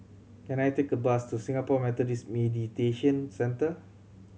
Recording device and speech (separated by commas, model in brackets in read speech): mobile phone (Samsung C7100), read sentence